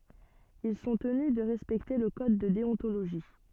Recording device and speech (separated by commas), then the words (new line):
soft in-ear microphone, read sentence
Ils sont tenus de respecter le code de déontologie.